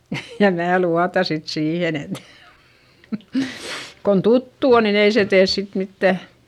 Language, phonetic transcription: Finnish, ja mää luata sit siihen ‿et , kon tuttu on nin ‿ei se tees sit mittä ,.
- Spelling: ja minä luotan sitten siihen että kun tuttu on niin ei se tee sitten mitään

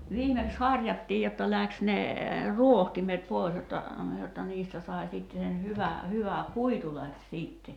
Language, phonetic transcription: Finnish, 'viimeks "haŕjattiij jotta 'läks ne , "ruohtimet 'pòi̬s jotta , jotta 'niistä sai̬ sìtte sen 'hyvä , 'hyvä , "kuitu läks 'siitte .
- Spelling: viimeksi harjattiin jotta lähti ne rohtimet pois jotta jotta niistä sai sitten sen hyvän hyvä kuitu lähti sitten

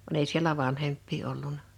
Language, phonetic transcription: Finnish, va'n ‿ei sielä "van-hemppii 'olluna .
- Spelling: vaan ei siellä vanhempia ollut

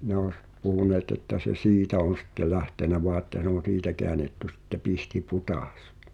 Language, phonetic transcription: Finnish, ne ‿oś , 'puhuneet ‿että se "siitä on̬ sɪtte 'lähtenä voa ᵉttä (s)e ‿on̬ '(s)iitä keänetty sitte 'Pihti"put̳às .
- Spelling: ne olisi puhuneet että se siitä on sitten lähtenyt vain että se on siitä käännetty sitten Pihtipudas

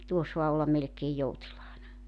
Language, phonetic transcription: Finnish, (ni) 'tuo soa melᵉkeej "joutilaana .
- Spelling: niin tuo saa melkein joutilaana

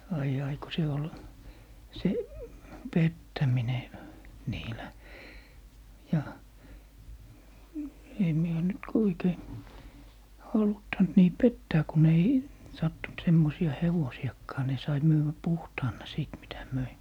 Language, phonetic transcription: Finnish, 'ai'j ‿ai ko se ol , 'se , "pettämine , 'niilä , 'ja , sem 'mie oo nyt ko 'oikei , 'haluttant nii "pettää kun ‿ei , 'sattunt 'semmosi₍a "hevosiʲakkaa ni sai 'myyvvä "puhtaan̆na 'sìt mitä 'möi .
- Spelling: ai ai kun se oli se pettäminen niillä ja sen minä olen nyt kun oikein haluttanut niin pettää kun ei sattunut semmoisia hevosiakaan niin sai myydä puhtaana sitten mitä myi

